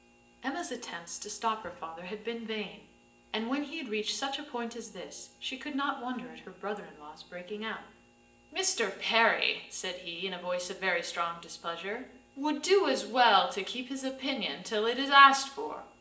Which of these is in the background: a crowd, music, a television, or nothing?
Nothing.